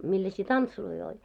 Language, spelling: Finnish, millaisia tansseja oli
- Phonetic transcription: 'milläsii "tantsuloi oĺ ?

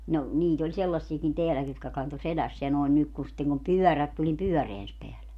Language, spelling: Finnish, no niitä oli sellaisiakin täälläkin jotka kantoi selässään noin nyt kun sitten kun pyörät tuli niin pyöränsä päällä
- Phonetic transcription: no , 'niit ‿oĺ 'sellassiekin 'teäläki jotka 'kanto "selässeä noen nyk ku sitteŋ kum "pyɔ̈̀rät tuĺ nim "pyɔ̈̀reäns peälä .

